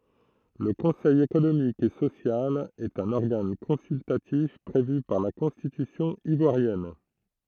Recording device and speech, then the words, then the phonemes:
throat microphone, read sentence
Le conseil économique et social est un organe consultatif prévu par la Constitution ivoirienne.
lə kɔ̃sɛj ekonomik e sosjal ɛt œ̃n ɔʁɡan kɔ̃syltatif pʁevy paʁ la kɔ̃stitysjɔ̃ ivwaʁjɛn

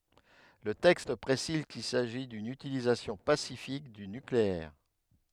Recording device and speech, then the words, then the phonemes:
headset microphone, read sentence
Le texte précise qu'il s'agit d'une utilisation pacifique du nucléaire.
lə tɛkst pʁesiz kil saʒi dyn ytilizasjɔ̃ pasifik dy nykleɛʁ

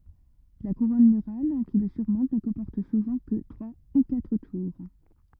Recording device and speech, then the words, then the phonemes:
rigid in-ear microphone, read sentence
La couronne murale qui le surmonte ne comporte souvent que trois ou quatre tours.
la kuʁɔn myʁal ki lə syʁmɔ̃t nə kɔ̃pɔʁt suvɑ̃ kə tʁwa u katʁ tuʁ

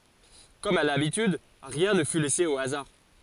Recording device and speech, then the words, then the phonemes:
forehead accelerometer, read sentence
Comme à l'habitude, rien ne fut laissé au hasard.
kɔm a labityd ʁiɛ̃ nə fy lɛse o azaʁ

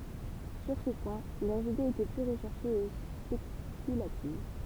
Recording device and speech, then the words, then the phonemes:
temple vibration pickup, read sentence
Sur ce point, leurs idées étaient plus recherchées et spéculatives.
syʁ sə pwɛ̃ lœʁz idez etɛ ply ʁəʃɛʁʃez e spekylativ

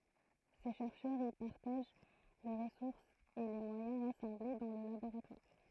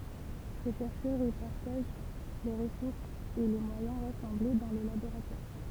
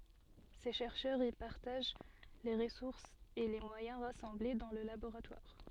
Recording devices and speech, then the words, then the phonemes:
throat microphone, temple vibration pickup, soft in-ear microphone, read sentence
Ces chercheurs y partagent les ressources et les moyens rassemblés dans le laboratoire.
se ʃɛʁʃœʁz i paʁtaʒ le ʁəsuʁsz e le mwajɛ̃ ʁasɑ̃ble dɑ̃ lə laboʁatwaʁ

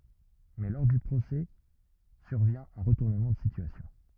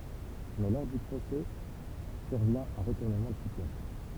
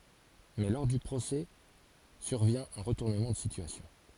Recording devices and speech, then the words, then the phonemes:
rigid in-ear microphone, temple vibration pickup, forehead accelerometer, read sentence
Mais lors du procès survient un retournement de situation.
mɛ lɔʁ dy pʁosɛ syʁvjɛ̃ œ̃ ʁətuʁnəmɑ̃ də sityasjɔ̃

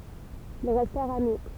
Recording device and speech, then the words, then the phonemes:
temple vibration pickup, read sentence
Ils restèrent amis.
il ʁɛstɛʁt ami

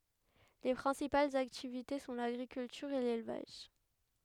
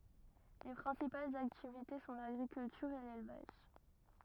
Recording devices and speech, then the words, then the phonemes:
headset microphone, rigid in-ear microphone, read sentence
Les principales activités sont l'agriculture et l'élevage.
le pʁɛ̃sipalz aktivite sɔ̃ laɡʁikyltyʁ e lelvaʒ

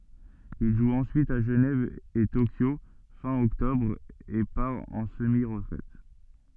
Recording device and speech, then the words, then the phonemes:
soft in-ear microphone, read sentence
Il joue ensuite à Genève et Tokyo fin octobre, et part en semi-retraite.
il ʒu ɑ̃syit a ʒənɛv e tokjo fɛ̃ ɔktɔbʁ e paʁ ɑ̃ səmi ʁətʁɛt

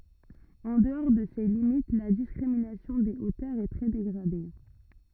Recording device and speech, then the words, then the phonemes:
rigid in-ear microphone, read sentence
En dehors de ces limites, la discrimination des hauteurs est très dégradée.
ɑ̃ dəɔʁ də se limit la diskʁiminasjɔ̃ de otœʁz ɛ tʁɛ deɡʁade

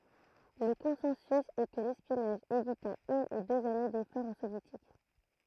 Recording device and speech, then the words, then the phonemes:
throat microphone, read sentence
Le consensus est que l'espionnage évita une ou deux années d'efforts aux Soviétiques.
lə kɔ̃sɑ̃sy ɛ kə lɛspjɔnaʒ evita yn u døz ane defɔʁz o sovjetik

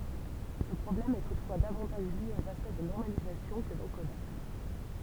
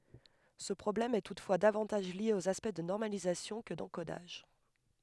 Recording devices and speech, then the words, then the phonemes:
temple vibration pickup, headset microphone, read sentence
Ce problème est toutefois davantage lié aux aspects de normalisation que d’encodage.
sə pʁɔblɛm ɛ tutfwa davɑ̃taʒ lje oz aspɛkt də nɔʁmalizasjɔ̃ kə dɑ̃kodaʒ

